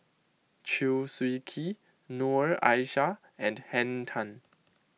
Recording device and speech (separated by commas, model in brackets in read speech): mobile phone (iPhone 6), read sentence